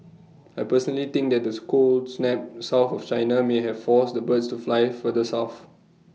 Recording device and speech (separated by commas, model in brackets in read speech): mobile phone (iPhone 6), read sentence